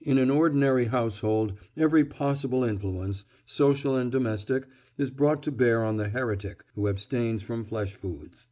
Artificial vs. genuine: genuine